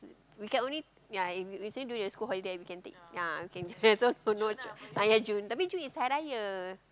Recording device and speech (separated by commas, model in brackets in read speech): close-talking microphone, conversation in the same room